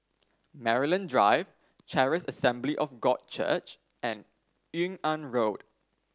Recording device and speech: standing microphone (AKG C214), read sentence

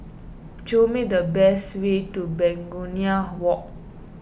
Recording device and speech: boundary microphone (BM630), read sentence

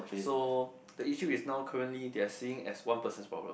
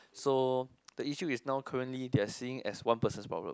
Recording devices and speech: boundary microphone, close-talking microphone, conversation in the same room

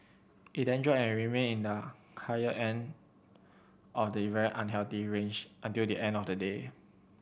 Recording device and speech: boundary microphone (BM630), read sentence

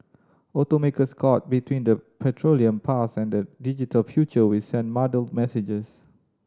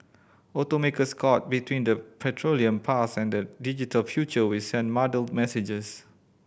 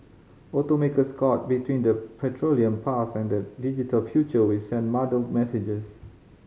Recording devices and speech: standing microphone (AKG C214), boundary microphone (BM630), mobile phone (Samsung C5010), read sentence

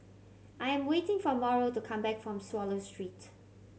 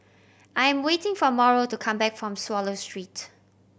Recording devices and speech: mobile phone (Samsung C7100), boundary microphone (BM630), read sentence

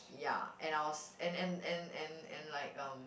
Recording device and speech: boundary microphone, conversation in the same room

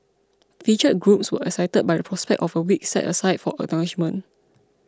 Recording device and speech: close-talking microphone (WH20), read sentence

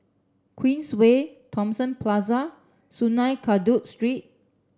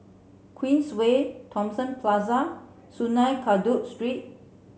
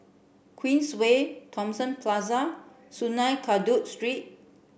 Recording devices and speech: standing microphone (AKG C214), mobile phone (Samsung C7), boundary microphone (BM630), read sentence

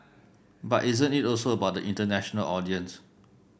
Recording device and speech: boundary microphone (BM630), read sentence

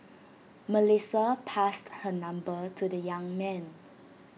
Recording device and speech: mobile phone (iPhone 6), read sentence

